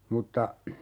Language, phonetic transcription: Finnish, 'mutta ,.
- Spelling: mutta

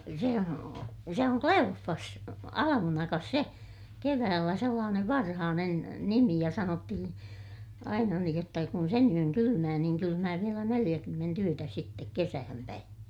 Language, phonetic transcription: Finnish, se o- , se oŋ Kleoffas , alamunakas se , keväällä sellaanev varhaanen , nimi ja sanottihiḭ , aina niij jotta kun sen ‿yön kylymää niiŋ kylymää vielä neliʲäkymment ‿yötä sittek kesähäm päin .
- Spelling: se on se on Kleoffas almanakassa se keväällä sellainen varhainen nimi ja sanottiin aina niin jotta kun sen yön kylmää niin kylmää vielä neljäkymmentä yötä sitten kesään päin

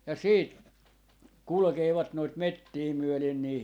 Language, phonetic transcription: Finnish, ja 'siit , "kulᵉkeevat noit "mettii 'myölen nii .
- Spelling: ja sitten kulkevat noita metsiä myöden niin

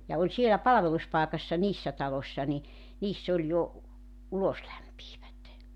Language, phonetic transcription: Finnish, ja 'oĺ sielä "palᵃveluspàekassa 'niissä 'talośśa ni , 'niiss ‿oĺ jo , 'uloslämpiivät .
- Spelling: ja oli siellä palveluspaikassa niissä taloissa niin niissä oli jo uloslämpiävät

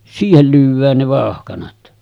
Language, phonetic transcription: Finnish, 'siihel lyyv̆vään ne 'vàohkanat .
- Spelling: siihen lyödään ne vauhkanat

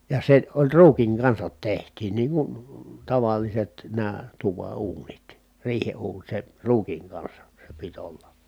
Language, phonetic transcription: Finnish, ja se oĺ ruukiŋ kansat teht̀iin niiŋ kun , taval̆liset nää tuva uunit , riihe uun se , ruukiŋ kansa , se pit olla .
- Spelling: ja se oli ruukin kanssa tehtiin niin kuin tavalliset nämä tuvan uunit riihen uuni se ruukin kanssa se piti olla

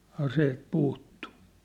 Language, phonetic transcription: Finnish, aseet puuttu .
- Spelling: aseet puuttui

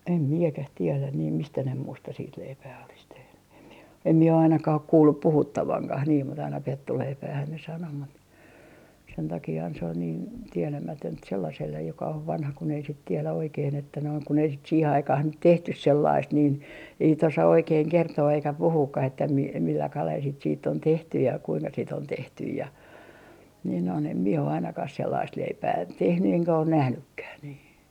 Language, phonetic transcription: Finnish, em 'miekäh 'tielän niim 'mistä ne 'muusta siit leipää olis tehny em mie , em mie o ainakah ‿ok 'kuullup 'puhuttavaŋkah niim mut aina 'pettuleipäähän ne sano mut , sen takiihan se ol niin , tielämätönt sellasellej joka ov 'vanha kun ‿ei sit 'tielä oikeen että noin , kun ei sit 'siihe 'aikah nyt "tehtys 'sellaist niin , ei sit 'osa oikeeŋ kertoo eikä 'puhuukkah että mi - milla kalel sit siitt ‿on 'tehty ja kuiŋka sit ‿on 'tehtyj ja , niin ‿on em mie o ainakah sellaist leipää , 'tehny eŋkä on 'nähnykkäh nii .
- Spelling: en minäkään tiedä niin mistä ne muusta sitten leipää olisi tehnyt en minä en minä ole ainakaan ole kuullut puhuttavankaan niin mutta aina pettuleipäähän ne sanoi mutta sen takiahan se oli niin tietämätöntä sellaiselle joka on vanha kun ei sitten tiedä oikein että noin kun ei sitten siihen aikaan nyt tehty sellaista niin ei sitten osaa oikein kertoa eikä puhuakaan että - millä kalella sitä sitten on tehty ja kuinka sitä on tehty ja niin on en minä ole ainakaan sellaista leipää tehnyt enkä ole nähnytkään niin

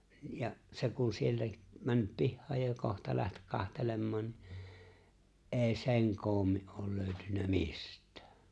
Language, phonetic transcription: Finnish, ja’ , 'se kun 'sieltä’ , 'männyp "pihhaaj ja 'kohta läht 'kahtelemmaan̬ ni , "’e̬e̬ⁱ 'se̬ŋ "koommi’ ’ool 'lööʸtynnä "mist̀ᴀ̈ᴀ̈ .
- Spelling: ja se kun sieltä mennyt pihaan ja kohta lähti katselemaan niin ei sen koommin ole löytynyt mistään

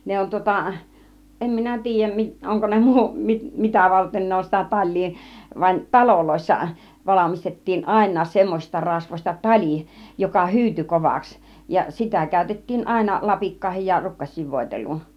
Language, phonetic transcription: Finnish, 'ne on tŭŏta , 'em minä "ti̬ij̆jäm mi- , 'oŋko ne 'muu- , 'mi- , 'mitä varten 'ne on sitä "taĺ̆lii , vań , "taloloissa , 'valamistet̀tiin "àin̆naas 'semmośista 'rasvośta "taĺi , joka "hyyty 'kovaks , ja 'sitä kä̀ytet̀tiin 'àina 'lapikkaihij ja 'rukkaś̆siiv 'vòitel̀uun .
- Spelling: ne on tuota en minä tiedä - onko ne - - mitä varten ne on sitä talia vaan taloissa valmistettiin ainakin semmoisista rasvoista tali joka hyytyi kovaksi ja sitä käytettiin aina lapikkaihin ja rukkasiin voiteluun

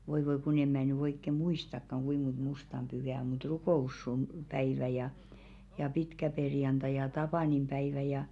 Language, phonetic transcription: Finnish, 'voi voi kun ‿em̆ mä̀ ny oikke "muistakkaŋ 'ɢuiᵐ mont "mustam ʙyhä o mut 'rukò₍ussun- , -päivä ja , ja 'pitkäperjanta ja 'tapànimʙäivä ja ,.
- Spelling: voi voi kun en minä nyt oikein muistakaan kuinka monta mustan pyhää on mutta - rukouspäivä ja ja pitkäperjantai ja tapaninpäivä ja

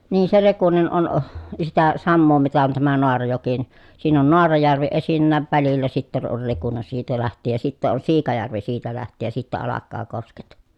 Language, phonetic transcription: Finnish, nii se Rekunen on , sitä , sammoo mitä on tämä Noarajoki ni , siin ‿on Noarajärvi esinnääv välillä sitten on Rekune siitä läht̀iij ja sitteʼ ʼon Siikajärvi siitä läht̀iij ja sittä alakkaa kosket .
- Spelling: niin se Rekunen on sitä samaa mitä on tämä Naarajoki niin siinä on Naarajärvi esinnäkin välillä sitten on Rekunen siitä lähtien ja sitten on Siikajärvi siitä lähtien ja sitten alkaa kosket

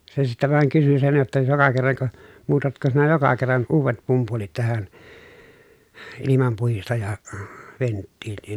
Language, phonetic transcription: Finnish, se sittä vàeŋ kysy sen jotta » joka kerraŋko , muutatko sinä joka kerran , uuvet pumpulit tähän , ilimampuhistaja- , -venttiilliin ? »
- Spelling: se sitten vain kysyi sen jotta joka kerranko muutatko sinä joka kerran uudet pumpulit tähän - ilmanpuhdistajaventtiiliin

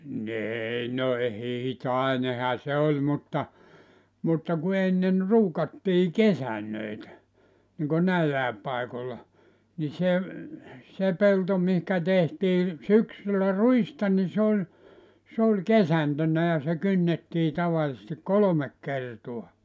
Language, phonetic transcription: Finnish, 'n[o] ‿eei no ehei "toineha 'se oĺ 'mutta , mutta ku 'ennen 'ruukattii "kesännöitä , niŋko 'näillä̀ep 'paikolla , ni se , 'se 'pelto mihkä tehtii , 'syksyllä "ruista ni 'se ‿oĺ , 's ‿oĺ "kesäntönnä ja se 'kynnettii 'tavalⁱsesti "kolomek 'kertua .
- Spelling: no ei no ei toinenhan se oli mutta mutta kun ennen ruukattiin kesantoja niin kuin näillä paikoilla niin se se pelto mihin tehtiin syksyllä ruista niin se oli se oli kesantona ja se kynnettiin tavallisesti kolme kertaa

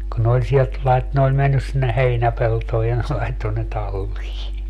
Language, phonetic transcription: Finnish, kun ne oĺ 'sielt 'lait- , ne oĺ 'mennys sinne "heinäpeltooj ja ne 'laitto ne 'tallii .
- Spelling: kun ne oli sieltä - ne oli mennyt sinne heinäpeltoon ja ne laittoi ne talliin

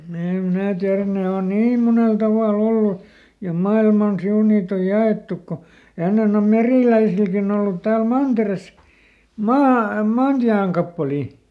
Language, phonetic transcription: Finnish, ˈnii em ˈmnää tiärän̆ ˈne on "niim ˈmunel tavàˈl ‿ollu , ja ˈmailman ˈsiun niit ‿oj ˈja₍èttuk ko , ˈennen ‿om "merìläisilkin ‿ollut ˈtääl "manteres , ˈmaa- ˈmaantiäŋkappalì .
- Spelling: niin en minä tiedä ne on niin monella tavalla ollut ja maailman sivu niitä on jaettu kun ennen on meriläisilläkin ollut täällä mantereessa - maantienkappaleita

